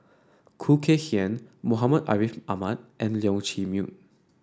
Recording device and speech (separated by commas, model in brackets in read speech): standing microphone (AKG C214), read sentence